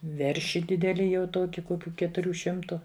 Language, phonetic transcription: Lithuanian, ˈverši ˈdideli jau ˈtuoki ˈkokiu ketuˈrių ˈšimtu

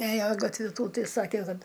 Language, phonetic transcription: Lithuanian, ˈėjo gatˈvi ˈtų ˈtai ˈsake ˈkad

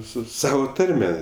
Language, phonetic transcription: Lithuanian, ˈsu ˈsavo ˈtarme

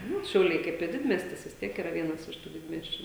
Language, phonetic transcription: Lithuanian, ˈnu šiauˈliai ˈkaip i ˈdidmiestis vis ˈtiek iˈra ˈvienas iš tų ˈdidmiesčiu

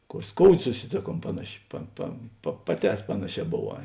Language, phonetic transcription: Lithuanian, ˈkor ˈskoudė susiˈtėˌkuom ˈpanaˌši pa pa pa paˈtē ˈpanaˌšē boˈvā

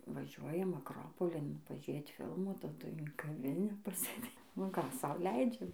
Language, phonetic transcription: Lithuanian, vaˈžiuojam akˈropolin paˈžėt ˈfilmų taˈdui in kaˈvinę pasėˈdė nu ˈką ˈsau ˈleidžiam

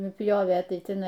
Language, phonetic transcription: Lithuanian, nuˈpjovė ˈtai tiˈnai

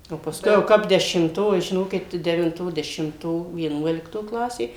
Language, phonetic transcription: Lithuanian, o paˈskui jau ˈkap dešimˈto i žiˈnokit tai devinˈto dešimˈto vieˈnuolikto ˈklasė

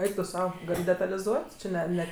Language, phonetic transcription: Lithuanian, ˈeik tu ˈsau ˈgal' detaliˈzuot' či ˈne ˈne

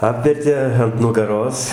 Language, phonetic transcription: Lithuanian, ˈapvertė ant nugaˈros

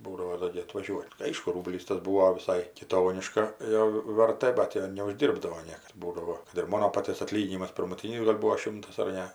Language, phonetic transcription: Lithuanian, ˈbūdavo ˈdo gi atvaˈžiuot' ˈaišku ˈrūblys tas ˈbūo viˈsai kiˈtoniškaˈjo verˈtɘ ˈbat jo neužˈdyrbdavo ˈniekas ˈbūdavo kad ir ˈmono ˈpaties aˈtlyginimas pirmuˈtynis gal' ˈbūo ˈšimtas ar ˈne

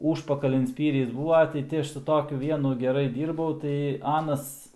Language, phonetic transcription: Lithuanian, ˈūžpakalin ˈspyris ˈbūva tai ˈti ˈaš su ˈtokiu ˈvienu geˈrai ˈdyrbau tai ˈanas

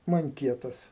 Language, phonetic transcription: Lithuanian, manˈkietas

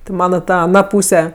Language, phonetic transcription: Lithuanian, ti ˈmana ˈta aˈna ˈpūse

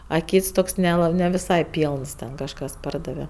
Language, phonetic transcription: Lithuanian, a ˈkyts ˈtoks neˈla ne viˈsai ˈpylns ˈten kažˈkas ˈpardave

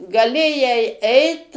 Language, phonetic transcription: Lithuanian, gaˈlėjai ˈeit

